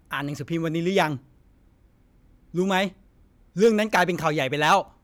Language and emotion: Thai, angry